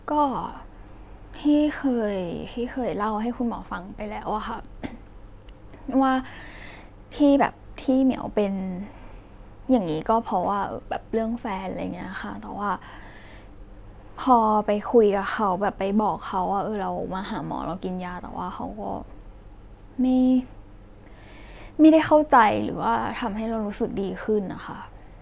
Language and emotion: Thai, sad